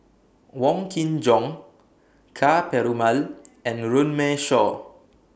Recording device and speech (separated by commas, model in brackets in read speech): boundary microphone (BM630), read sentence